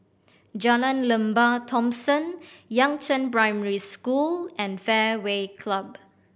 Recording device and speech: boundary microphone (BM630), read sentence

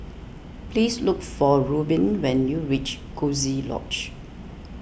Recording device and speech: boundary microphone (BM630), read sentence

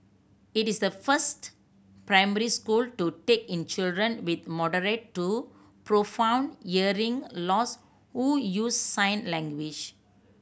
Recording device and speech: boundary microphone (BM630), read sentence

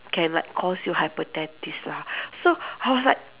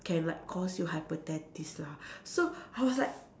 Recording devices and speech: telephone, standing microphone, conversation in separate rooms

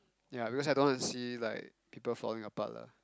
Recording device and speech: close-talking microphone, conversation in the same room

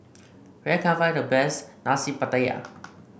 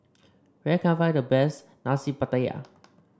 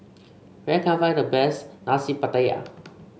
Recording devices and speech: boundary microphone (BM630), standing microphone (AKG C214), mobile phone (Samsung C5), read sentence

